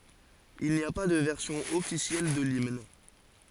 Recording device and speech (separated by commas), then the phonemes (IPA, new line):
forehead accelerometer, read sentence
il ni a pa də vɛʁsjɔ̃ ɔfisjɛl də limn